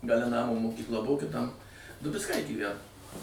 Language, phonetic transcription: Lithuanian, gaˈle ˈnamo mokykˈla ˈbuvo kiˈtam dubicˈkai gyˈvæno

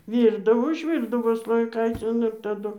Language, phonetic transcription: Lithuanian, ˈvyrdavo užˈvyrdavo slojiˈkaicin ir taˈdu

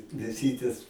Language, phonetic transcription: Lithuanian, mėˈsytės

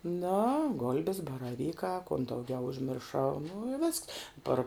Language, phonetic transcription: Lithuanian, no ˈgol'bes baraˈvykā kon dauˈgiau užmirˈšau ˈnu i ˈvisks ˈpar

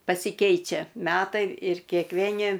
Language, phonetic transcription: Lithuanian, pasiˈkeičia ˈmetai ir kėkˈvėni

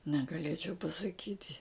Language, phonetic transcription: Lithuanian, negaˈlėčiau pasaˈkyti

